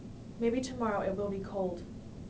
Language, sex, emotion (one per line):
English
female
neutral